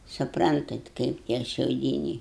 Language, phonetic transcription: Lithuanian, suˈprantat ˈkaip tie šiauˈdyniai

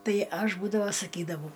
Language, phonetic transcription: Lithuanian, ˈtai ˈaš ˈbūdava saˈkydavau

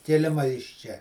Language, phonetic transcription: Lithuanian, kiˈlima iš ˈčia

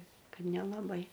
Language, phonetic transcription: Lithuanian, ˈkad nelaˈbai

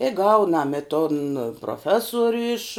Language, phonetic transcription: Lithuanian, i ˈgaunam i ton proˈfesoriu iš

